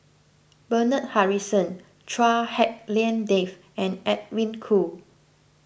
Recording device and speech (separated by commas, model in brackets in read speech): boundary microphone (BM630), read sentence